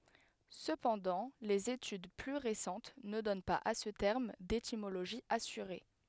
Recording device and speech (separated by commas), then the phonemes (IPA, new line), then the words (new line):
headset microphone, read sentence
səpɑ̃dɑ̃ lez etyd ply ʁesɑ̃t nə dɔn paz a sə tɛʁm detimoloʒi asyʁe
Cependant, les études plus récentes ne donnent pas à ce terme d'étymologie assurée.